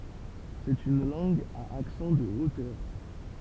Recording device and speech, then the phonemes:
temple vibration pickup, read sentence
sɛt yn lɑ̃ɡ a aksɑ̃ də otœʁ

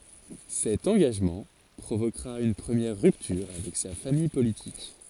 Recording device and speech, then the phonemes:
forehead accelerometer, read sentence
sɛt ɑ̃ɡaʒmɑ̃ pʁovokʁa yn pʁəmjɛʁ ʁyptyʁ avɛk sa famij politik

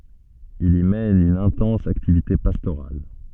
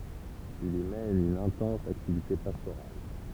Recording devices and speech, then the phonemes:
soft in-ear microphone, temple vibration pickup, read sentence
il i mɛn yn ɛ̃tɑ̃s aktivite pastoʁal

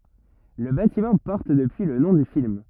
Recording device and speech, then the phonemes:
rigid in-ear microphone, read sentence
lə batimɑ̃ pɔʁt dəpyi lə nɔ̃ dy film

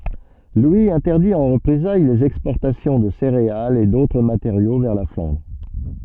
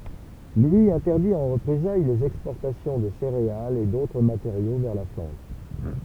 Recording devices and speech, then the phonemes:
soft in-ear microphone, temple vibration pickup, read sentence
lwi ɛ̃tɛʁdi ɑ̃ ʁəpʁezaj lez ɛkspɔʁtasjɔ̃ də seʁealz e dotʁ mateʁjo vɛʁ la flɑ̃dʁ

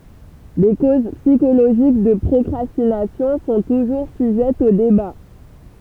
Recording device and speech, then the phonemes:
temple vibration pickup, read sentence
le koz psikoloʒik də pʁɔkʁastinasjɔ̃ sɔ̃ tuʒuʁ syʒɛtz o deba

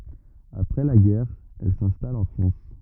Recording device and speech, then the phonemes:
rigid in-ear microphone, read sentence
apʁɛ la ɡɛʁ ɛl sɛ̃stal ɑ̃ fʁɑ̃s

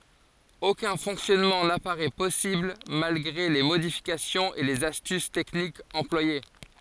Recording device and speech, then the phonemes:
forehead accelerometer, read sentence
okœ̃ fɔ̃ksjɔnmɑ̃ napaʁɛ pɔsibl malɡʁe le modifikasjɔ̃z e lez astys tɛknikz ɑ̃plwaje

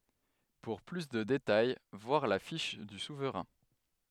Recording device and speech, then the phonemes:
headset microphone, read sentence
puʁ ply də detaj vwaʁ la fiʃ dy suvʁɛ̃

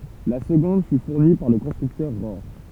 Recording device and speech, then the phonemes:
temple vibration pickup, read sentence
la səɡɔ̃d fy fuʁni paʁ lə kɔ̃stʁyktœʁ ʁɔʁ

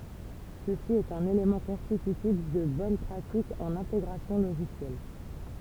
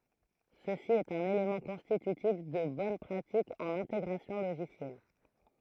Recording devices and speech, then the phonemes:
temple vibration pickup, throat microphone, read sentence
səsi ɛt œ̃n elemɑ̃ kɔ̃stitytif də bɔn pʁatik ɑ̃n ɛ̃teɡʁasjɔ̃ loʒisjɛl

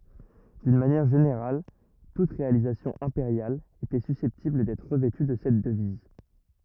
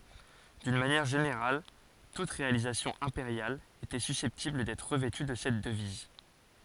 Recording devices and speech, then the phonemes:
rigid in-ear microphone, forehead accelerometer, read sentence
dyn manjɛʁ ʒeneʁal tut ʁealizasjɔ̃ ɛ̃peʁjal etɛ sysɛptibl dɛtʁ ʁəvɛty də sɛt dəviz

